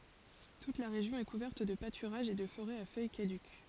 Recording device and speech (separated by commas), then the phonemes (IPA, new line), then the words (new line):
forehead accelerometer, read sentence
tut la ʁeʒjɔ̃ ɛ kuvɛʁt də patyʁaʒz e də foʁɛz a fœj kadyk
Toute la région est couverte de pâturages et de forêts à feuilles caduques.